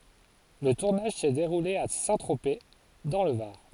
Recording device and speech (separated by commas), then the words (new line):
forehead accelerometer, read sentence
Le tournage s'est déroulé à Saint-Tropez, dans le Var.